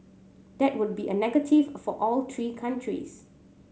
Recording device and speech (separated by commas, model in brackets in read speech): mobile phone (Samsung C7100), read sentence